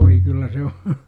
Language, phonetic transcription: Finnish, 'voi kyllä se o , .
- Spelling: voi kyllä se oli

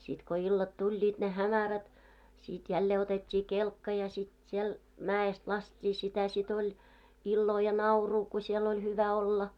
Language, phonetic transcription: Finnish, sit ko 'illat 'tuĺĺiit ne "hämärät , 'sit jällee otet́t́ii "kelkka ja sit siel , 'mää₍est 'last́t́ii sitä sit ‿oĺ , 'illoo ja "nauruu ku siel ‿oĺ 'hyvä 'olla .
- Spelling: sitten kun illat tulivat ne hämärät sitten jälleen otettiin kelkka ja sitten siellä mäestä laskettiin sitä sitten oli iloa ja naurua kun siellä oli hyvä olla

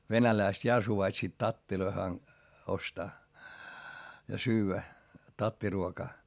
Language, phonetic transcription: Finnish, venäläist ja suvaitsiit tattiloi han- , ostaa , ja syyvä , tattiruokaa .
- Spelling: venäläiset ja suvaitsivat tatteja - ostaa ja syödä tattiruokaa

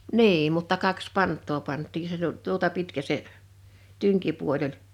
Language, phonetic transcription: Finnish, niim mutta 'kaks "pant̆too 'pant̆tii se tut- , 'tuota 'pitkä se , 'tyŋkipuol ‿oĺ .
- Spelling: niin mutta kaksi pantaa pantiin se - tuota pitkä se tynkipuoli oli

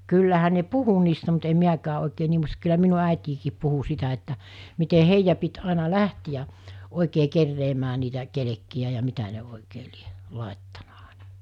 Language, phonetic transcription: Finnish, kyllähä ne "puhu niistä mut em 'miäkää oikee 'nii (muista) kyllä 'minu ä̀etiikii 'puhu 'sitä että , mite 'heijjä pit 'àina "lähtijä , 'òikee kerreemää niitä , 'kelekki₍ä ja 'mitä ne òikee lie , 'làettana Àᴇɴᴀ .
- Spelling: kyllähän ne puhui niistä mutta en minäkään oikein niin muista kyllä minun äitikin puhui sitä että miten heidän piti aina lähteä oikein keräämään niitä kelkkejä ja mitä ne oikein lie laittanut aina

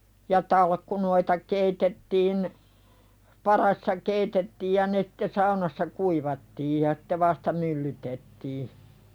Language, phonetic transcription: Finnish, ja 'talkkunoita keitettiin , "parassa keitettiij ja ne (sɪ)tte "saunassa 'kuivattiij ja (sɪ)tte vasta "myllytettii .
- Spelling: ja talkkunoita keitettiin padassa keitettiin ja ne sitten saunassa kuivattiin ja sitten vasta myllytettiin

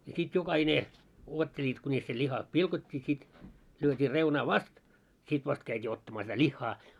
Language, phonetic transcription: Finnish, ja sit 'joka'hine , 'uotteĺiit kuńis se 'ĺiha "pilkot́t́ii sit , lyöt́ii 'reunaa "vast , 'sit 'vast käit́ii ottamaa sitä "ĺihhaa .
- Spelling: ja sitten jokainen odottelivat kunis se liha pilkottiin sitten lyötiin reunaa vasten sitten vasta käytiin ottamaan sitä lihaa

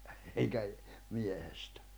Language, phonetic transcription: Finnish, eŋkä , 'miehestᴀ̈ .
- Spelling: enkä miehestä

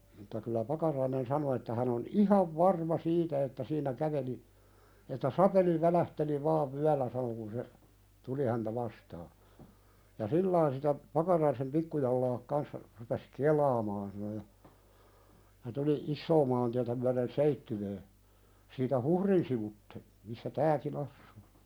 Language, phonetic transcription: Finnish, mutta kyllä "Pakarainen 'sano että hän ‿on "ihav 'varma 'siitä että siin̆nä 'käveli , että » "sapeli 'välähteli vaav 'vyällä « sano kun se , "tuli häntä 'vastaa , » ja "sillain sitä , 'Pakaraisem "pikkujallaak kanssa , rupes "(kel̆laamaan) « sano ja , ja tuli "issoo maantiätä myäðen "Seittywöö , siitä "Huhrin sivutte , missä 'tääkin‿ assᴜᴜ .
- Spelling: mutta kyllä Pakarainen sanoi että hän on ihan varma siitä että siinä käveli että sapeli välähteli vain vyöllä sanoi kun se tuli häntä vastaan ja sillä tavalla sitä Pakaraisen pikkujalat kanssa rupesi kelaamaan sanoi ja ja tuli isoa maantietä myöten Seitsiöön siitä Huhrin sivuitse missä tämäkin asuu

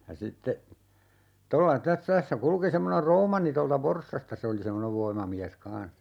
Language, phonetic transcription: Finnish, ja sitte , 'tolla tä - 'tässä 'kulki 'semmoner "Roomanni tolta "Vorssasta 'se oli 'semmonev "voimamiäs 'kans .
- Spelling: ja sitten tuolla - tässä kulki semmoinen Roomanni tuolta Forssasta se oli semmoinen voimamies kanssa

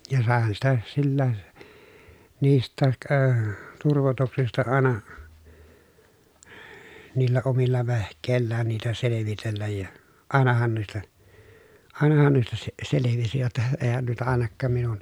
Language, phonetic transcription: Finnish, ja sàehan sitä sillää , niist̆tääk öö turvotuksista àena , niillä omilla vehk̆kèi̮llään niitä selevitelläj ja , àenahan nuista , àenahan nuista se- selevisi jotta , eehän nuita àena kkaam minun ,.
- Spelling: ja saihan sitä silläkin niistäkin - turvotuksista aina niillä omilla vehkeillään niitä selvitellä ja ainahan noista ainahan noista - selvisi jotta eihän noita - ainakaan minun

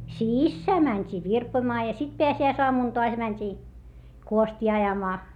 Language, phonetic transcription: Finnish, sissää mäńt́ii virpoⁱmaa ja sit peäsi₍äisoamùn toas mäńt́i , kuostii ajamaa .
- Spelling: sisään mentiin virpomaan ja sitten pääsiäisaamuna taas mentiin kuostia ajamaan

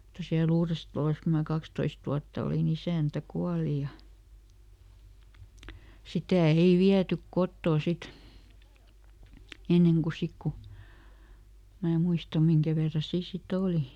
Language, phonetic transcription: Finnish, (mut)ta siä"l ‿Uurestᵃlos ku mä ˈkakstoist wuatta olìˈn ‿isä̀ntä ˈkuali ja , "sitä̀ ˈei "viätyk ˈkottò ˈsit , ˈenneŋ ku "sik ku , mää ˈmuista ˈmiŋkä verra ˈsii si"t ‿òli .
- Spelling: mutta siellä Uudessatalossa kun minä kaksitoista vuotta olin isäntä kuoli ja sitä ei viety kotoa sitten ennen kuin sitten kun minä muista minkä verran siinä sitten oli

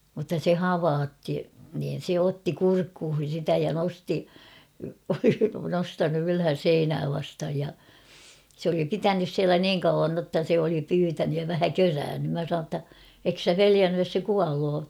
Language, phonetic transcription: Finnish, mutta 'se "havaatti niin̬ 'se "otti 'kurkkuuhin̬ sitä ja 'nosti , (oli) 'nostanu ylhän̬ "seinää vasthaj ja , s ‿oli "pitänys 'siälä "niiŋ kauvan notta se oli 'pyytänyj ja vähä "köräännym mä sanoo ‿tta , » ek sä "peliännyj jos se 'kualoo ? «
- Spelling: mutta se havaitsi niin se otti kurkkuihin sitä ja nosti oli nostanut ylhäälle seinää vastaan ja se oli pitänyt siellä niin kauan jotta se oli pyytänyt ja vähän körännyt minä sanoin jotta etkö sinä pelännyt jos se kuolee

